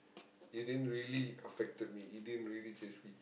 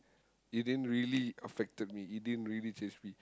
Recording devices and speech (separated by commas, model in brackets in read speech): boundary microphone, close-talking microphone, conversation in the same room